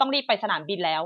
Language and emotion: Thai, neutral